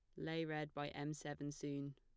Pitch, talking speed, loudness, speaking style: 145 Hz, 205 wpm, -46 LUFS, plain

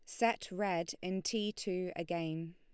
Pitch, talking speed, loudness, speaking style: 185 Hz, 155 wpm, -37 LUFS, Lombard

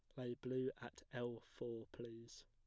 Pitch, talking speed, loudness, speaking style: 120 Hz, 160 wpm, -48 LUFS, plain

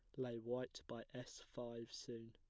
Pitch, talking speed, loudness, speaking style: 120 Hz, 170 wpm, -50 LUFS, plain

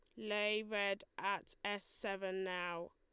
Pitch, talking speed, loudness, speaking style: 200 Hz, 130 wpm, -40 LUFS, Lombard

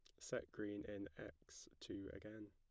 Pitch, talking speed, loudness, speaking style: 100 Hz, 155 wpm, -52 LUFS, plain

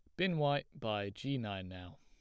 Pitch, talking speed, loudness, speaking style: 120 Hz, 200 wpm, -37 LUFS, plain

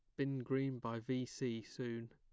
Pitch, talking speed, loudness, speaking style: 125 Hz, 185 wpm, -42 LUFS, plain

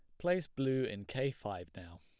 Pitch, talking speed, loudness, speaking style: 115 Hz, 200 wpm, -37 LUFS, plain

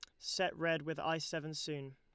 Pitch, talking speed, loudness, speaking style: 160 Hz, 205 wpm, -38 LUFS, Lombard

